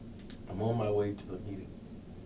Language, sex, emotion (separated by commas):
English, male, neutral